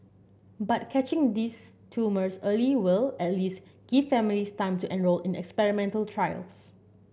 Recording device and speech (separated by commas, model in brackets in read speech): boundary microphone (BM630), read sentence